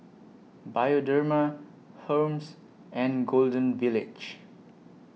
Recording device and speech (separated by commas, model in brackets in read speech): mobile phone (iPhone 6), read sentence